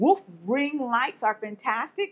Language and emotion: English, disgusted